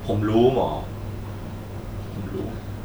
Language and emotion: Thai, sad